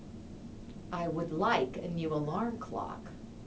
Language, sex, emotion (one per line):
English
female
disgusted